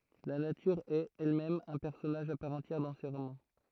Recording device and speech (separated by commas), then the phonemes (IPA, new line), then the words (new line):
throat microphone, read sentence
la natyʁ ɛt ɛlmɛm œ̃ pɛʁsɔnaʒ a paʁ ɑ̃tjɛʁ dɑ̃ se ʁomɑ̃
La nature est, elle-même, un personnage à part entière dans ses romans.